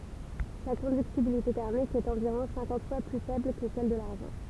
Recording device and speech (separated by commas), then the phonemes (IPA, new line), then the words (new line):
temple vibration pickup, read sentence
sa kɔ̃dyktibilite tɛʁmik ɛt ɑ̃viʁɔ̃ sɛ̃kɑ̃t fwa ply fɛbl kə sɛl də laʁʒɑ̃
Sa conductibilité thermique est environ cinquante fois plus faible que celle de l'argent.